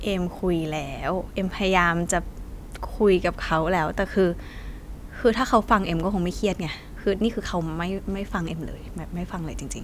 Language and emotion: Thai, frustrated